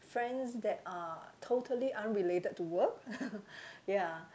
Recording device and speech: close-talking microphone, conversation in the same room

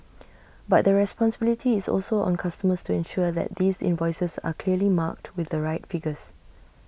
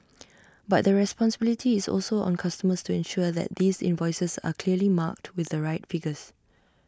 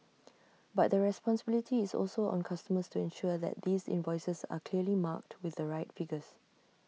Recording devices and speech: boundary microphone (BM630), standing microphone (AKG C214), mobile phone (iPhone 6), read sentence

